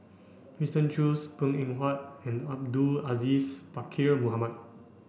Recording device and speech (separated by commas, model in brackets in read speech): boundary microphone (BM630), read sentence